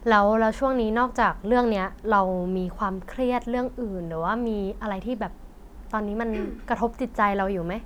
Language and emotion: Thai, neutral